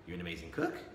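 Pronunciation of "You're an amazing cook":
'You're an amazing cook' is said as a question.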